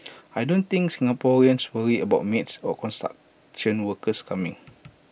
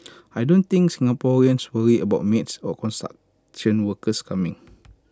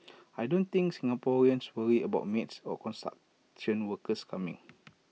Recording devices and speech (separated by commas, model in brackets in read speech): boundary microphone (BM630), close-talking microphone (WH20), mobile phone (iPhone 6), read sentence